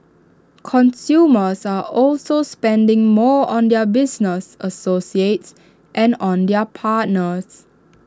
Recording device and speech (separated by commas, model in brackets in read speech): standing microphone (AKG C214), read sentence